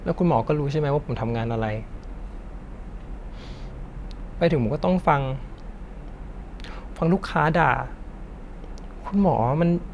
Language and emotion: Thai, sad